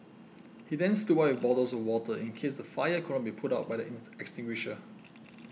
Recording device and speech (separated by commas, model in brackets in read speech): mobile phone (iPhone 6), read sentence